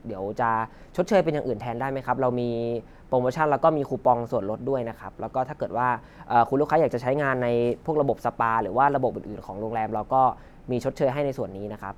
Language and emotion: Thai, neutral